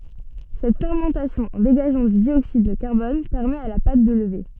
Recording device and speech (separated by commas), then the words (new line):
soft in-ear microphone, read sentence
Cette fermentation, en dégageant du dioxyde de carbone, permet à la pâte de lever.